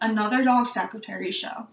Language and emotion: English, neutral